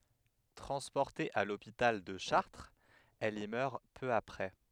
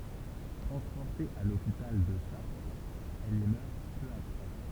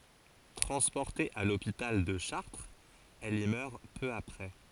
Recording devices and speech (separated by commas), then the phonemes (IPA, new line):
headset microphone, temple vibration pickup, forehead accelerometer, read sentence
tʁɑ̃spɔʁte a lopital də ʃaʁtʁz ɛl i mœʁ pø apʁɛ